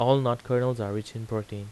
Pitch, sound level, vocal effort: 115 Hz, 85 dB SPL, normal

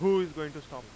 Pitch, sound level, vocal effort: 155 Hz, 99 dB SPL, very loud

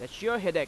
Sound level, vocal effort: 96 dB SPL, very loud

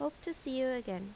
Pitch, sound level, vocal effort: 260 Hz, 83 dB SPL, normal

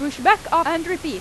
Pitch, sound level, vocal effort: 330 Hz, 96 dB SPL, very loud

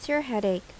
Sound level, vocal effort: 82 dB SPL, normal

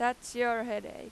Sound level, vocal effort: 95 dB SPL, very loud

